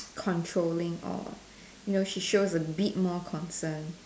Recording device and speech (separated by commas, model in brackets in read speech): standing microphone, conversation in separate rooms